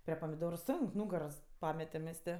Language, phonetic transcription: Lithuanian, prie pamiˈdoru ˈsonk ˈnūgaros ˈpametem mes ˈtė

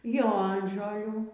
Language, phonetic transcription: Lithuanian, ˈjonžolių

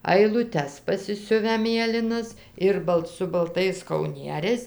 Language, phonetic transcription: Lithuanian, ailuˈtes pasiˈsiuvę ˈmėlinas ˈir balt su balˈtais kauˈnieriais

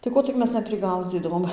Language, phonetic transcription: Lithuanian, tai ˈko cik ˈmes nepriˈgaudzydavom

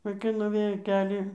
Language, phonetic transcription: Lithuanian, vaiˈkai nuˈvėjo ˈkelį

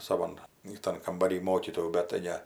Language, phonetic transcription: Lithuanian, saˈvan iˈtan kambaˈry ˈmokytojų bet tai ˈne

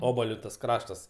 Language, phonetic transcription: Lithuanian, ˈobaliu tas ˈkraštas

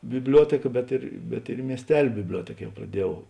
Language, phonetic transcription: Lithuanian, bibˈliuotėka bet ir bet ir i miesˈtel' bibˈliuotėk ˈjau praˈdieˌjau

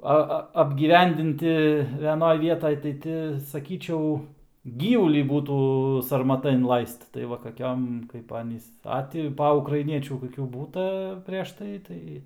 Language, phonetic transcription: Lithuanian, ˈa ˈa apgyˈvendinti veˈnoj ˈvietaj tai ˈti saˈkyčiau ˈgyvulį ˈbūtų sarmaˈta inˈlaist tai ˈva kaˈkiom kaip ˈanys ˈa ti ˈpa ukraiˈniečių koˈkių ˈbūta preš ˈtai ˈtai

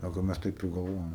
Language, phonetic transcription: Lithuanian, ˈsako ˈmes ˈtaip ir galˈvojom

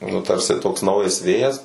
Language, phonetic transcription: Lithuanian, nu ˈtarsi toks ˈnaujas ˈvėjas

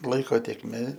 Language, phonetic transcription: Lithuanian, ˈlaiko tėkˈmė

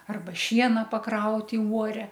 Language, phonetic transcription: Lithuanian, ˈarba ˈšiena paˈkraut' i uoˈre

